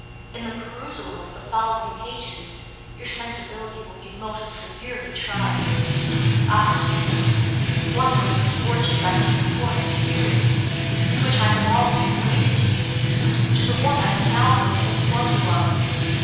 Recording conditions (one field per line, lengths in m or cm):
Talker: one person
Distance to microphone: 7.1 m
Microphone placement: far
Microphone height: 1.7 m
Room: very reverberant, large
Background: music